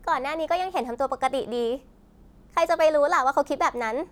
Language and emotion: Thai, frustrated